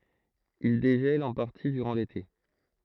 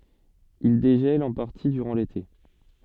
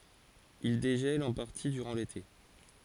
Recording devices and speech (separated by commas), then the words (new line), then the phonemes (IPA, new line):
throat microphone, soft in-ear microphone, forehead accelerometer, read sentence
Ils dégèlent en partie durant l'été.
il deʒɛlt ɑ̃ paʁti dyʁɑ̃ lete